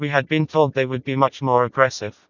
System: TTS, vocoder